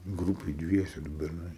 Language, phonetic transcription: Lithuanian, ˈgrūpėj ˈdviese du berˈnai

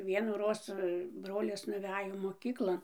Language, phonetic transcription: Lithuanian, vienųˈroz ˈbrolis nuˈvejo moˈkyklon

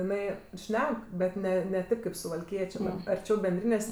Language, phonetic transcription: Lithuanian, iˈnai ˈšnek bet ˈne ne ˈtėp kaip suvalˈkiečė arˈčiau benˈdrynės'

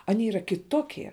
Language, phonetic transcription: Lithuanian, aˈnie yˈra kiˈtokie

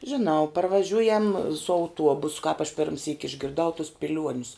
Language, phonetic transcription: Lithuanian, žiˈnau parvaˈžiujam su auˈtuobus kāp aš ˈpirmsyk išgirˈdau tus piˈliuonius

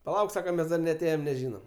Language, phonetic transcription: Lithuanian, paˈlauk ˈsaka ˈmes dar neaˈtėjem neˈžynam

